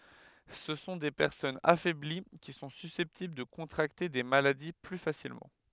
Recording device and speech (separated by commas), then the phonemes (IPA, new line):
headset microphone, read sentence
sə sɔ̃ de pɛʁsɔnz afɛbli ki sɔ̃ sysɛptibl də kɔ̃tʁakte de maladi ply fasilmɑ̃